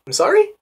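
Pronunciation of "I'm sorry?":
'I'm sorry?' is said with rising intonation.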